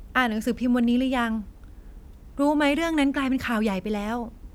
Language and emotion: Thai, frustrated